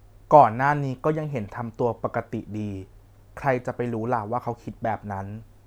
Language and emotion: Thai, neutral